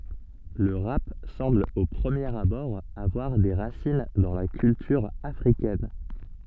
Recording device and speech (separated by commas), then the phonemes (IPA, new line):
soft in-ear microphone, read sentence
lə ʁap sɑ̃bl o pʁəmjeʁ abɔʁ avwaʁ de ʁasin dɑ̃ la kyltyʁ afʁikɛn